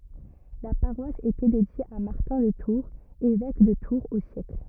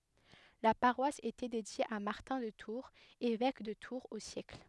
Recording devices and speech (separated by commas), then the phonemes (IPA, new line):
rigid in-ear microphone, headset microphone, read sentence
la paʁwas etɛ dedje a maʁtɛ̃ də tuʁz evɛk də tuʁz o sjɛkl